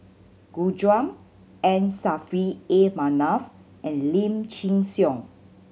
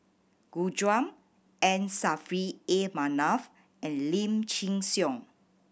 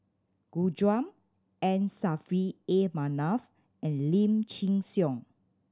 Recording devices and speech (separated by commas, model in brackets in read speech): mobile phone (Samsung C7100), boundary microphone (BM630), standing microphone (AKG C214), read sentence